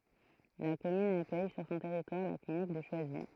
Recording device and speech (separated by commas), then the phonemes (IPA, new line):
throat microphone, read sentence
la kɔmyn akœj syʁ sɔ̃ tɛʁitwaʁ la klinik də ʃwazi